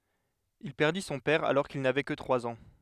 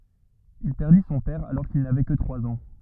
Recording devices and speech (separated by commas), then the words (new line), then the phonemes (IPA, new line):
headset microphone, rigid in-ear microphone, read sentence
Il perdit son père alors qu’il n’avait que trois ans.
il pɛʁdi sɔ̃ pɛʁ alɔʁ kil navɛ kə tʁwaz ɑ̃